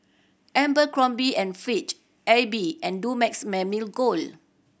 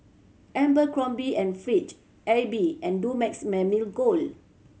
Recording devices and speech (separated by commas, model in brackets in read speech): boundary microphone (BM630), mobile phone (Samsung C7100), read sentence